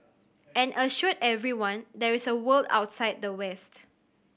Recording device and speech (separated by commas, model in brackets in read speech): boundary microphone (BM630), read sentence